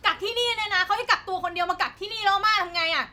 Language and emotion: Thai, angry